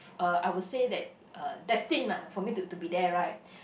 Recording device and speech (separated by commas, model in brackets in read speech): boundary microphone, conversation in the same room